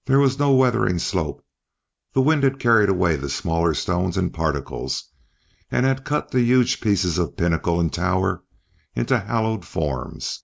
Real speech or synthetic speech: real